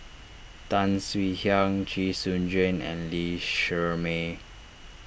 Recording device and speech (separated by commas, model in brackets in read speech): boundary microphone (BM630), read sentence